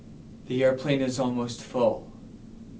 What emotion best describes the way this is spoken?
neutral